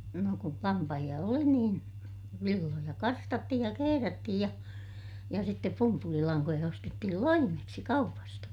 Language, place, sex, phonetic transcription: Finnish, Ilmajoki, female, no kul lampahiʲa oli niin , villoja karstattihij ja keherättihij ja , ja sittep pumpulilaŋkoja ostettihil loimeksi kaupasta .
- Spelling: no kun lampaita oli niin villoja karstattiin ja kehrättiin ja ja sitten pumpulilankoja ostettiin loimeksi kaupasta

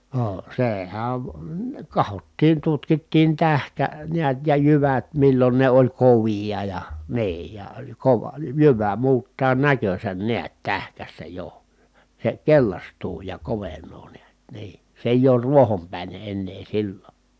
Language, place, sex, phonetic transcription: Finnish, Kitee, male, noo sehän , kahottiin tutkittiin tähkä , niät ja jyvät millon ne oĺ kovi₍a ja , nii ja kova , jyvä muuttaa näkösän niät tähkässä jo , se keĺlastuu ja koveǹoo niät nii , se èij ‿oor ruohompä̀ine ennee sillo .
- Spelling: no sehän katsottiin tutkittiin tähkä näet ja jyvät milloin ne oli kovia ja niin ja kova jyvä muuttaa näkönsä näet tähkässä jo se kellastuu ja kovenee näet niin se ei ole ruohonpäinen ennen silloin

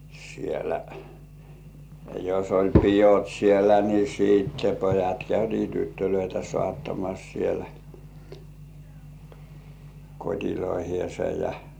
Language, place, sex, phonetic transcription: Finnish, Kurkijoki, male, sielä , jos ‿oĺ "pijot sielä ni siitte "pojat käytii 'tyttölöitä sŏàttamas sielä , 'kot́iloihĭèse , ja .
- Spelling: siellä jos oli pidot siellä niin sitten pojat käytiin tyttöjä saattamassa siellä koteihinsa ja

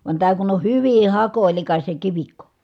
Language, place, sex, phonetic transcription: Finnish, Kitee, female, van tää kun ‿on hyvi hakòilikas ja kivikko .
- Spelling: vaan tämä kun on hyvin hakoilikas ja kivikko

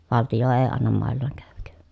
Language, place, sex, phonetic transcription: Finnish, Pielisjärvi, female, valtijo ee annam màellaaŋ kääväk .
- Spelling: valtio ei anna maillaan käydä

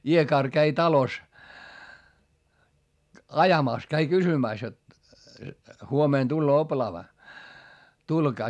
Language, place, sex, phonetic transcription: Finnish, Hietamäki, male, iekàr käi talos , ajamàs - käi kysymä̀s jot , huomèn tulloo oplaava , tulGaa .
- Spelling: iekari kävi talossa ajamassa kävi kysymässä jotta huomenna tulee oplaava tulkaa

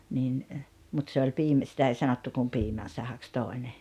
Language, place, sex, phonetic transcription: Finnish, Rautalampi, female, niin , 'mut se oĺ 'Piimä- , 'sitä ei 'sanottu kum 'Piimän̬ Sahaks 'tòene .
- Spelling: niin mutta se oli Piimä sitä ei sanottu kuin Piimän sahaksi toinen

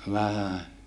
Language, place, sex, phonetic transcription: Finnish, Saarijärvi, male, vähä .
- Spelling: vähän

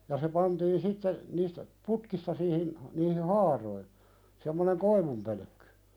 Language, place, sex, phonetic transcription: Finnish, Pälkäne, male, ja se pantiin 'sitte , niistä , 'putkista siihin , niihi "haaroi , semmoneŋ "koivumpölᵒ̈kkʏ .
- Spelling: ja se pantiin sitten niistä putkista siihen niihin haaroihin semmoinen koivunpölkky

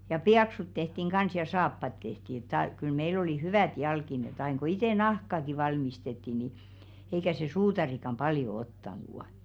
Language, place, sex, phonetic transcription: Finnish, Velkua, female, ja "piaksut tehtiŋ 'ɢans ja 'saappat tehti et tà- kyl 'meil ‿olì "hyvä̀t 'jalkinet ‿ain ko 'itè "nahkaki 'valmistetti ni , eikä se 'suutarikam "ʙaljo 'ottanù' .
- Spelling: ja pieksut tehtiin kanssa ja saappaat tehtiin että - kyllä meillä oli hyvät jalkineet aina kun itse nahkakin valmistettiin niin eikä se suutarikaan paljon ottanut

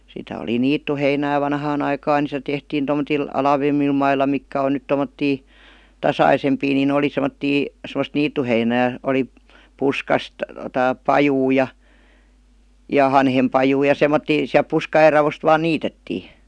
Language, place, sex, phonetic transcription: Finnish, Vihti, female, sitä oli "niittuheinää 'vanhaan ‿aikaan ni se 'tehtiin tommotil , "alavemmil mailla mikkä on nyt 'tommottii , "tasaisempii niin 'ne oli 'sem°ttii , sem°st "niittuheinää , oli , "puskast , (taap) "pajuu ja , 'ja "hanhempajuu ja 'sem̆mottii , siäˡp 'puskajer ravost vaan "niitettii .
- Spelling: sitä oli niittyheinää vanhaan aikaan niin se tehtiin tuommoisilla alavammilla mailla mitkä on nyt tuommoisia tasaisempia niin ne oli semmoisia semmoista niittyheinää oli puskasta tai pajua ja ja hanhenpajua ja semmoisia sieltä puskien raosta vain niitettiin

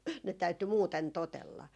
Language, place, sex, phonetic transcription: Finnish, Jaala, female, ne 'täyty 'muuten "totella .
- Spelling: ne täytyi muuten totella

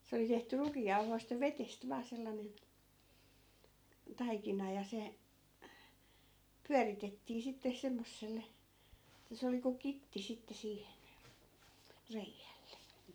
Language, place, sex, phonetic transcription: Finnish, Askola, female, 'se oli tehty 'rukiijjau̬hoist ja 'vetest 'vaa sellanen , 'taikina ja se , "pyäritettii sitte 'semmosselle , ᵉttä 'se oli kuk 'kitti 'sitte siihen̬ , 'reijjälle .
- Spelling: se oli tehty rukiinjauhoista ja vedestä vain sellainen taikina ja se pyöritettiin sitten semmoiselle että se oli kuin kitti sitten siihen reiälle

